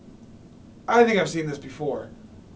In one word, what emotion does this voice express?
neutral